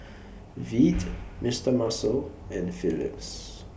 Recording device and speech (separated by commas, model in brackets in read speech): boundary microphone (BM630), read sentence